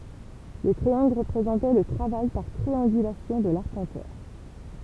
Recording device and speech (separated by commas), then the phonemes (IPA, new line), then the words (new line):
temple vibration pickup, read sentence
lə tʁiɑ̃ɡl ʁəpʁezɑ̃tɛ lə tʁavaj paʁ tʁiɑ̃ɡylasjɔ̃ də laʁpɑ̃tœʁ
Le triangle représentait le travail par triangulation de l'arpenteur.